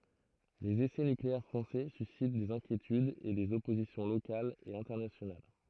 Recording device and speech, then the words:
throat microphone, read sentence
Les essais nucléaires français suscitent des inquiétudes et des oppositions locales et internationales.

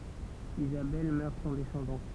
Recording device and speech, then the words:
temple vibration pickup, read sentence
Isabelle meurt sans descendance.

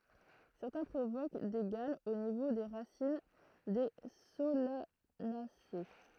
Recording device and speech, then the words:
throat microphone, read sentence
Certains provoquent des gales au niveau des racines des Solanacées.

